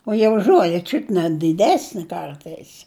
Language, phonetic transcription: Lithuanian, o ˈjie už ˈžuole ˈčiut ne diˈdesni ˈkartais

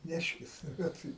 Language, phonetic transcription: Lithuanian, ˈneškis ˈbet

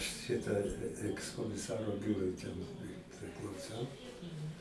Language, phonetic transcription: Lithuanian, ˈšita ˌekskomiˈsaro ˈbiūrui ten i priklauˈsau

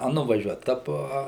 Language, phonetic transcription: Lithuanian, a nuvaˈžiuot a ˈpo a

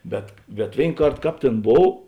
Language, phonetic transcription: Lithuanian, ˈbet bet ˈvėin ˈkart ˈkāp ˈtėn ˈbov

